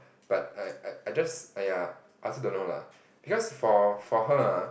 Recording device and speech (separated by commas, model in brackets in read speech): boundary microphone, conversation in the same room